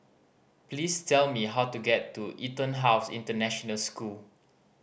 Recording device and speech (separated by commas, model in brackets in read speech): boundary microphone (BM630), read sentence